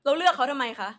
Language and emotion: Thai, angry